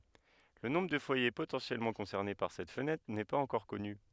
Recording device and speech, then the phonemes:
headset microphone, read sentence
lə nɔ̃bʁ də fwaje potɑ̃sjɛlmɑ̃ kɔ̃sɛʁne paʁ sɛt fənɛtʁ nɛ paz ɑ̃kɔʁ kɔny

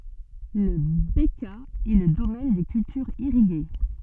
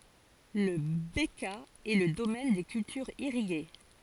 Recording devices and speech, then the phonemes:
soft in-ear microphone, forehead accelerometer, read sentence
la bəkaa ɛ lə domɛn de kyltyʁz iʁiɡe

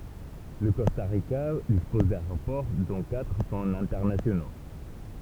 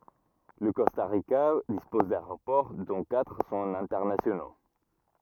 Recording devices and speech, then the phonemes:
temple vibration pickup, rigid in-ear microphone, read sentence
lə kɔsta ʁika dispɔz daeʁopɔʁ dɔ̃ katʁ sɔ̃t ɛ̃tɛʁnasjono

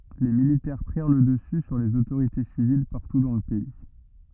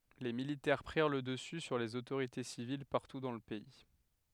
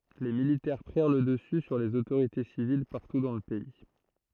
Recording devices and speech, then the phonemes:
rigid in-ear microphone, headset microphone, throat microphone, read sentence
le militɛʁ pʁiʁ lə dəsy syʁ lez otoʁite sivil paʁtu dɑ̃ lə pɛi

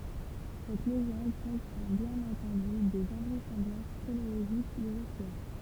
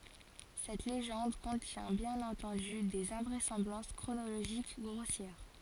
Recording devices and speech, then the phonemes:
temple vibration pickup, forehead accelerometer, read sentence
sɛt leʒɑ̃d kɔ̃tjɛ̃ bjɛ̃n ɑ̃tɑ̃dy dez ɛ̃vʁɛsɑ̃blɑ̃s kʁonoloʒik ɡʁosjɛʁ

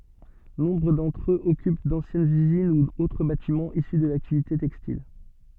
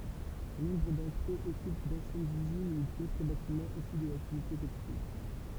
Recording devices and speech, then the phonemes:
soft in-ear microphone, temple vibration pickup, read sentence
nɔ̃bʁ dɑ̃tʁ øz ɔkyp dɑ̃sjɛnz yzin u otʁ batimɑ̃z isy də laktivite tɛkstil

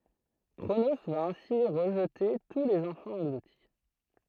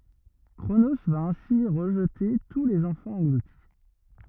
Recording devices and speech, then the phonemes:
throat microphone, rigid in-ear microphone, read sentence
kʁono va ɛ̃si ʁəʒte tu lez ɑ̃fɑ̃z ɑ̃ɡluti

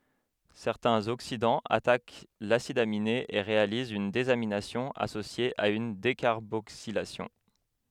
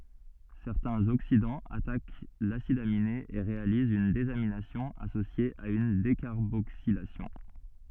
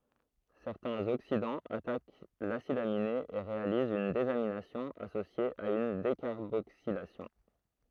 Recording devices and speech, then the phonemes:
headset microphone, soft in-ear microphone, throat microphone, read sentence
sɛʁtɛ̃z oksidɑ̃z atak lasid amine e ʁealizt yn dezaminasjɔ̃ asosje a yn dekaʁboksilasjɔ̃

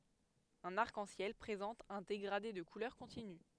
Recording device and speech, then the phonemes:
headset microphone, read sentence
œ̃n aʁk ɑ̃ sjɛl pʁezɑ̃t œ̃ deɡʁade də kulœʁ kɔ̃tiny

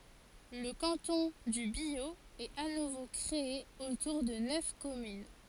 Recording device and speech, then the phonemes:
forehead accelerometer, read sentence
lə kɑ̃tɔ̃ dy bjo ɛt a nuvo kʁee otuʁ də nœf kɔmyn

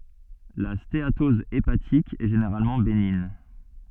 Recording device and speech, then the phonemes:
soft in-ear microphone, read sentence
la steatɔz epatik ɛ ʒeneʁalmɑ̃ beniɲ

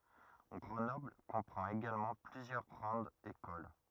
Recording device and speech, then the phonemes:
rigid in-ear microphone, read sentence
ɡʁənɔbl kɔ̃pʁɑ̃t eɡalmɑ̃ plyzjœʁ ɡʁɑ̃dz ekol

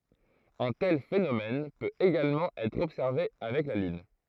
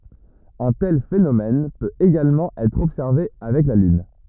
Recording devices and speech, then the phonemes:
throat microphone, rigid in-ear microphone, read sentence
œ̃ tɛl fenomɛn pøt eɡalmɑ̃ ɛtʁ ɔbsɛʁve avɛk la lyn

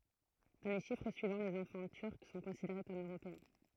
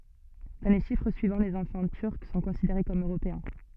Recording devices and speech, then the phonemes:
throat microphone, soft in-ear microphone, read sentence
dɑ̃ le ʃifʁ syivɑ̃ lez ɑ̃fɑ̃ tyʁk sɔ̃ kɔ̃sideʁe kɔm øʁopeɛ̃

